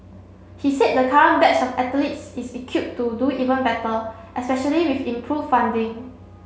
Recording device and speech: mobile phone (Samsung C7), read sentence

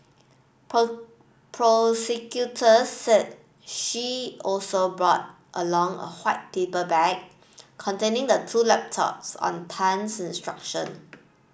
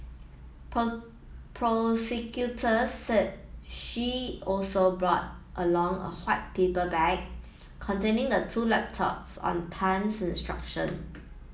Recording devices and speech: boundary microphone (BM630), mobile phone (iPhone 7), read sentence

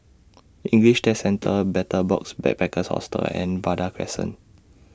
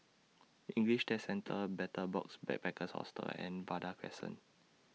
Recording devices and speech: standing microphone (AKG C214), mobile phone (iPhone 6), read sentence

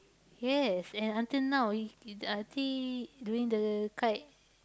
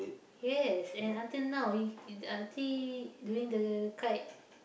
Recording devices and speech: close-talking microphone, boundary microphone, conversation in the same room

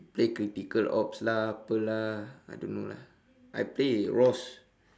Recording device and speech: standing microphone, conversation in separate rooms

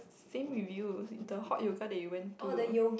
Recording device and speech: boundary microphone, conversation in the same room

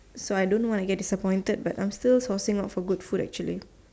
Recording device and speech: standing microphone, conversation in separate rooms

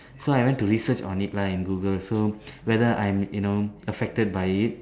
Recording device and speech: standing microphone, conversation in separate rooms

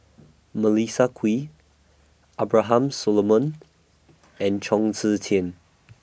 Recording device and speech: boundary microphone (BM630), read sentence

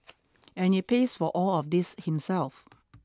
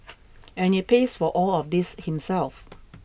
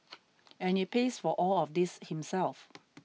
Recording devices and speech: standing microphone (AKG C214), boundary microphone (BM630), mobile phone (iPhone 6), read sentence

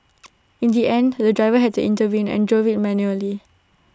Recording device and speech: standing microphone (AKG C214), read sentence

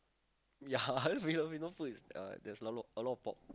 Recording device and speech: close-talking microphone, conversation in the same room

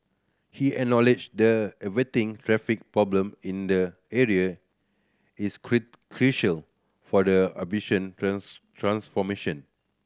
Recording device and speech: standing microphone (AKG C214), read sentence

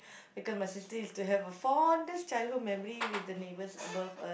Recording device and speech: boundary microphone, conversation in the same room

